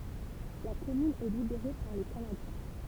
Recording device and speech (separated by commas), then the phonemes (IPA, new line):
temple vibration pickup, read sentence
la kɔmyn ɛ libeʁe paʁ le kanadjɛ̃